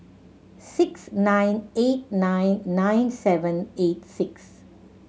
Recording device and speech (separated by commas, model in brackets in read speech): mobile phone (Samsung C7100), read sentence